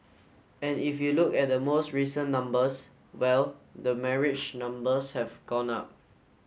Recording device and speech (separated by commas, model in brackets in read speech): mobile phone (Samsung S8), read sentence